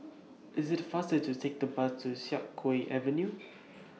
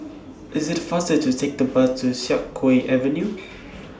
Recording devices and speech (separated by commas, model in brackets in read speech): mobile phone (iPhone 6), standing microphone (AKG C214), read sentence